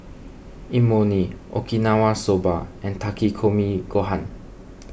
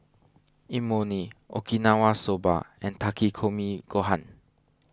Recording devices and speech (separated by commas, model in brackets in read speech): boundary microphone (BM630), standing microphone (AKG C214), read sentence